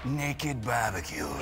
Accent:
boston accent